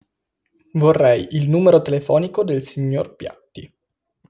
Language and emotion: Italian, neutral